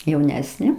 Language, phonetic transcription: Lithuanian, jauˈnesnė

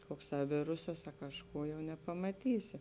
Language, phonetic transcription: Lithuanian, ˈkokˌsā ˈvirusas a kažˈkų jau nepamaˈtysi

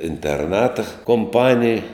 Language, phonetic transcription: Lithuanian, interˈnata komˈpanij

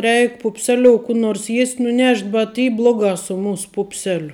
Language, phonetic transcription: Lithuanian, ˈreik pupˈseliou kū ˈnors ˈjiest' nuˈnešt' bet ˈy ˈbloˌgā su ˈmūs ˈpūpselio

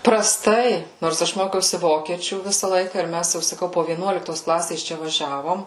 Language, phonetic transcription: Lithuanian, praˈstai nors ˈaš ˈmokiausi ˈvokiečių ˈvisa ˈlaika ir ˈmæs jau saˈkau po vieˈnuoliktos ˈklasės ˈčia vaˈžiavom

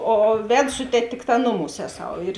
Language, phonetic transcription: Lithuanian, o ˈved ˈsu teˌtė ˈtikˌtā ˈnuˌmūs ˈeˌsau ir

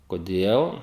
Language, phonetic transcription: Lithuanian, koˈdėl

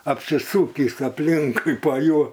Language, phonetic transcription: Lithuanian, apsiˈsūkįs apˈlink pa ˈjuo

